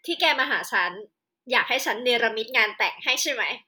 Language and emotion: Thai, happy